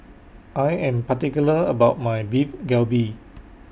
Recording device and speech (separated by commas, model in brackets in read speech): boundary microphone (BM630), read sentence